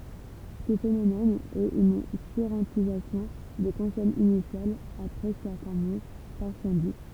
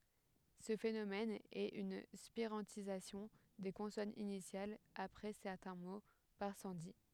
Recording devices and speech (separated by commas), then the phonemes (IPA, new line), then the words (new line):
temple vibration pickup, headset microphone, read sentence
sə fenomɛn ɛt yn spiʁɑ̃tizasjɔ̃ de kɔ̃sɔnz inisjalz apʁɛ sɛʁtɛ̃ mo paʁ sɑ̃di
Ce phénomène est une spirantisation des consonnes initiales après certains mots, par sandhi.